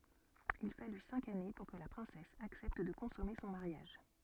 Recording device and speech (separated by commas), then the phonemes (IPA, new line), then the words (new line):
soft in-ear microphone, read sentence
il faly sɛ̃k ane puʁ kə la pʁɛ̃sɛs aksɛpt də kɔ̃sɔme sɔ̃ maʁjaʒ
Il fallut cinq années pour que la princesse accepte de consommer son mariage.